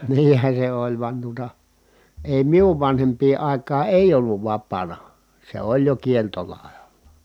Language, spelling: Finnish, niinhän se oli vain tuota ei minun vanhempien aikaan ei ollut vapaana se oli jo kieltolailla
- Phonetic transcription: niin̬hä se oĺ vᵘan tuota , èi miuv vanhemp̀ii ài̮k̀aa èi̮ʲ ‿olluv vappaana , se oĺ jo kieltolàe(la) .

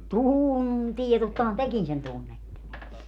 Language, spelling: Finnish, tuntee tottahan tekin sen tunnette
- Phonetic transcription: "tuuuntie 'tottahan "tekin sen 'tunnette !

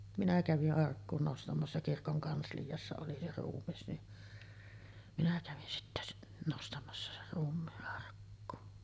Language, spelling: Finnish, minä kävin arkkuun nostamassa kirkon kansliassa oli se ruumis niin minä kävin sitten nostamassa sen ruumiin arkkuun
- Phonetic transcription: minä kävi’ '’arkkuun 'nostamassa "kirkoŋ 'kanslijassa oli se 'ruummis ni , minä kävin sittä nostamassa ser ruummii’ ’arkkuu .

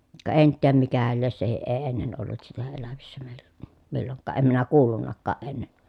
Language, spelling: Finnish, ka en tiedä mikähän lie sekin ei ennen ollut sitä elävissä meillä milloinkaan en minä kuullutkaan ennen
- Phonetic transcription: ka ʼen tiäm mikähäl lies sehiʼ ʼee ennen ollut sitä elävissä mèiLLÄ , milloŋkkaa ʼem minä kuullunnakkaaʼ ʼenne .

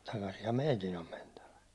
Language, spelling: Finnish, takasinhan meidän on mentävä
- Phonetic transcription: takasiham "meitin ‿om mentävä « .

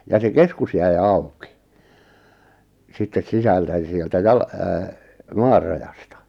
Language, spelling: Finnish, ja se keskus jäi auki sitten sisältä ja sieltä - maan rajasta
- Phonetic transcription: ja se 'keskus jäi̬ 'au̬ki , sittes 'sisältä jᵃ sieltä 'jal- , 'maar rajasta .

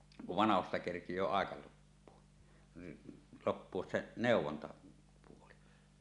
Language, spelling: Finnish, kun vanhoista kerkiää aika loppua loppua se neuvontapuoli
- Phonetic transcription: kuv 'vanahosta kerkij̀öö àeka loppuo , 'loppuos se 'nèuw̆wontapuoli .

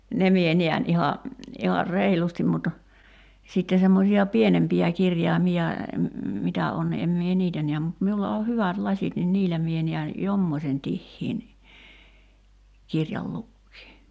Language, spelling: Finnish, ne minä näen ihan ihan reilusti mutta sitten semmoisia pienempiä kirjaimia mitä on en minä niitä näe mutta minulla on hyvät lasit niin niillä minä näen jommoisen tiheän kirjan lukea
- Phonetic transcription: "ne mie 'niän iha , 'ihar "reilustim mut , 'sitte semmosi₍a "pienempi₍ä 'kirjài̬mi₍a , 'mitä on , 'em mie "niitä niäm mut 'miulla o "hyvät 'laśit nin 'niillä mie niän , "jommośen 'tihhiin , "kirjal 'lukkii .

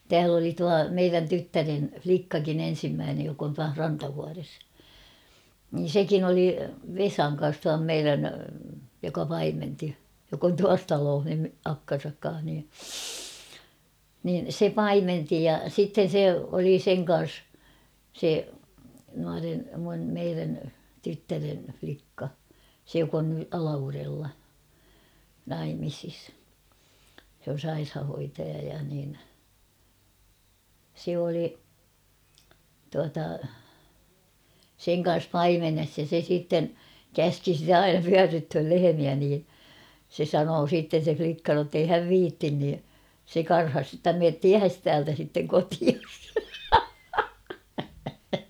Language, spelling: Finnish, täällä oli tuo meidän tyttären likkakin ensimmäinen joka on tuossa Rantavuoressa niin sekin oli Vesan kanssa tuon meidän joka paimensi joka on tuossa talossa nyt akkansa kanssa niin niin se paimensi ja sitten se oli sen kanssa se nuoren minun meidän tyttären likka se joka on nyt Alavudella naimisissa se on sairaanhoitaja ja niin se oli tuota sen kanssa paimenessa ja se sitten käski sitä aina pyörryttämään lehmiä niin se sanoi siitä se likka jotta ei hän viitsi niin se karhasi jotta mene tiehesi täältä sitten kotiisi
- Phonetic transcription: tääl ‿oli 'tua 'meirän "tyttären͕̬ 'flikkakin ‿en̬simmäänej jok ‿ontuah 'Rantavuares , niin̬ "sekin ‿oli , "Vesaŋ kan̬s tuam "meirän , joka 'paimenti , jok ‿on 'tuas 'talooh ny 'akkan̬sak ka̰a̰h ni , nin̬ 'se "paimenti ja 'sitten̬ 'se oli "seŋ ka̰a̰s , se , nuaren̬ , mun̳ meirän , 'tyttären̳ flikka , se jok ‿on ny 'Alavurella , 'naimisis , sᵉ ‿on̬ 'sairhahoitaja ja nin , se oli , tuata , 'seŋ ka̰a̰s "paimenes ja se siitten , "käski sitä 'aina "pyärrythöl 'lehemiä nii , se 'sanoo 'siitten̬ se 'flikka nottei 'häv "viittin ni , se 'karhas (jotta) » meet "tiähes täältä sitteŋ 'kotias ! «

